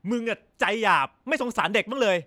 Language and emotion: Thai, angry